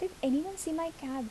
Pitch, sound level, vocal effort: 325 Hz, 75 dB SPL, soft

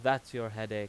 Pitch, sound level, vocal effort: 115 Hz, 93 dB SPL, loud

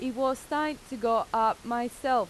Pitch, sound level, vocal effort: 255 Hz, 91 dB SPL, very loud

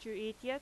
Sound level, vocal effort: 87 dB SPL, loud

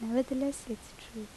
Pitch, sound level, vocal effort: 245 Hz, 76 dB SPL, soft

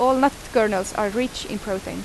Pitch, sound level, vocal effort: 215 Hz, 85 dB SPL, very loud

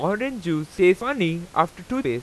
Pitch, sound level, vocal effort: 180 Hz, 92 dB SPL, loud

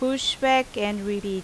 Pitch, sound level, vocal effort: 220 Hz, 87 dB SPL, loud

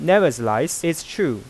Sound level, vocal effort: 93 dB SPL, normal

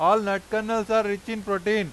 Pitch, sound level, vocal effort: 215 Hz, 98 dB SPL, very loud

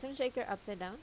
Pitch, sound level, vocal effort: 240 Hz, 83 dB SPL, normal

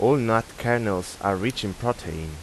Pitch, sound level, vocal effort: 110 Hz, 87 dB SPL, normal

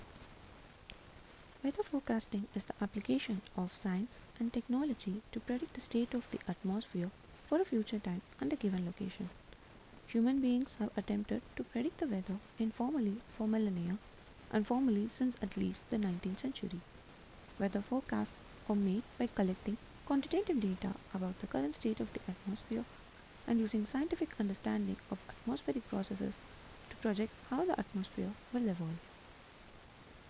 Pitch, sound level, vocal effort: 215 Hz, 76 dB SPL, soft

